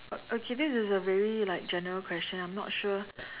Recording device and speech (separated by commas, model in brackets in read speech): telephone, conversation in separate rooms